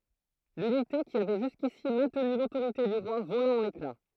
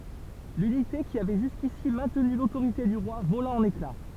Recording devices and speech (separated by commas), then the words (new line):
throat microphone, temple vibration pickup, read sentence
L'unité qui avait jusqu'ici maintenu l'autorité du roi vola en éclats.